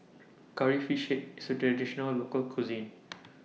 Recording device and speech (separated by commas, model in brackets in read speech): mobile phone (iPhone 6), read sentence